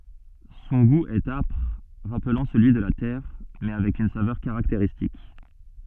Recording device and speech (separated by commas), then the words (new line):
soft in-ear microphone, read sentence
Son goût est âpre, rappelant celui de la terre, mais avec une saveur caractéristique.